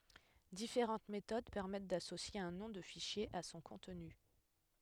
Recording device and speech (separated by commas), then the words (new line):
headset microphone, read sentence
Différentes méthodes permettent d'associer un nom de fichier à son contenu.